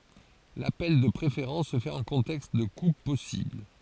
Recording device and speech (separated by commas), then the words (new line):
forehead accelerometer, read sentence
L'appel de préférence se fait en contexte de coupe possible.